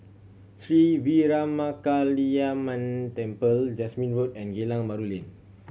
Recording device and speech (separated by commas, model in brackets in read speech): mobile phone (Samsung C7100), read sentence